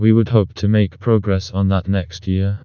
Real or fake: fake